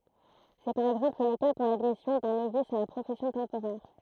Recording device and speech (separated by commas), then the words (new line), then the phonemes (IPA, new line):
throat microphone, read sentence
C'est par exemple le cas pour l'admission d'un novice à la profession temporaire.
sɛ paʁ ɛɡzɑ̃pl lə ka puʁ ladmisjɔ̃ dœ̃ novis a la pʁofɛsjɔ̃ tɑ̃poʁɛʁ